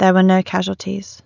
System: none